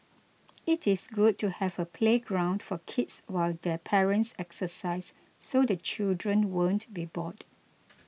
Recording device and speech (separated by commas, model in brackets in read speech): mobile phone (iPhone 6), read sentence